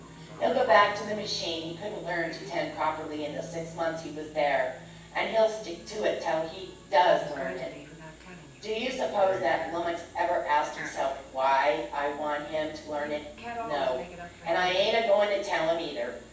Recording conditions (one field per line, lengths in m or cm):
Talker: one person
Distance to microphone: 9.8 m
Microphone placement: far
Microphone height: 1.8 m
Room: large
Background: television